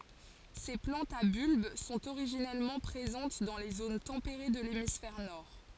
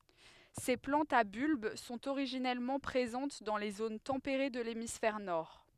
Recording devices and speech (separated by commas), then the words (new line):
forehead accelerometer, headset microphone, read sentence
Ces plantes à bulbe sont originellement présentes dans les zones tempérées de l'hémisphère nord.